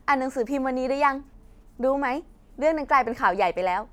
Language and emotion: Thai, happy